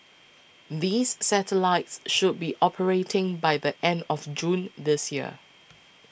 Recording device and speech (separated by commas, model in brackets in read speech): boundary microphone (BM630), read sentence